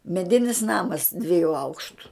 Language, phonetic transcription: Lithuanian, meˈdinis ˈnamas dvieˈjų ˈaukštu

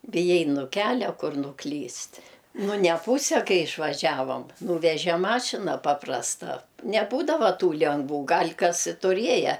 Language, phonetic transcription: Lithuanian, biˈjai nu ˈkelia ˈkur nuˈklyst' nu neˈpūse ˈkai išvaˈžiavom ˈnūveže ˈmašina ˈpaprasta neˈbūdava ˈtų lengˈvų ˈgal' kas i tuˈrieje

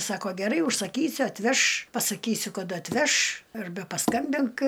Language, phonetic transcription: Lithuanian, ˈsako geˈrai užsaˈkysiu atˈveš pasaˈkysiu kaˈda atˈveš arˈbe paˈskambink

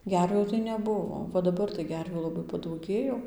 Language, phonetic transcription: Lithuanian, ˈgervių tai neˈbuvo va daˈbar tai ˈgervių laˈbai padauˈgėjo

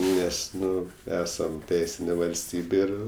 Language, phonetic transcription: Lithuanian, ˈnes ˈnu ˈesam ˈteisinė valsˈtybė ˈir

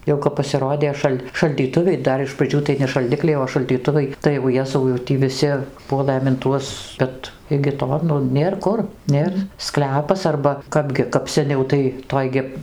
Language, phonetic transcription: Lithuanian, ˈjau kap pasiˈrodė ˈšal' šaldyˈtuviai ˈdar iš praˈdžių tai ne šalˈdikliai o šaldyˈtuvai tai jau ˈjezau jau ˈtį viˈsi ˈpuolɘm in ˈtuos ˈbet igi ˈto ˈnu ˈnėr ˈkur ˈnėr ˈsklepas arba ˈkapgi kap seˈniau tai ˈtoj gi

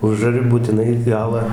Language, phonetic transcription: Lithuanian, ˈužari būtiˈnai ˈgalą

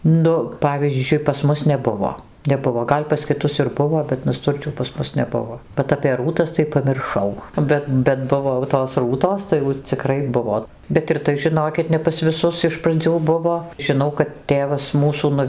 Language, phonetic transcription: Lithuanian, ˈnu ˈpavyzdžiui pas ˈmus neˈbuvo neˈbuvo ˈgal' pas kiˈtus ir ˈbuvo bet naˈsturčių pas ˈmus neˈbuvo bet apė ˈrūtas tai pamirˈšau ˈbet bet ˈbuvo jau tos ˈrūtos tai jau ciˈkrai ˈbuvo bet ir ˈtai žiˈnokit ne pas viˈsus iš praˈdzių ˈbuvo žiˈnau kad ˈtėvas ˈmūsų nu

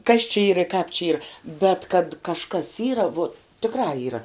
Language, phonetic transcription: Lithuanian, kas či ˈyr i kāp čia ˈyr bet kad kažˈkas ˈyra vuot tikˈrā ˈyra

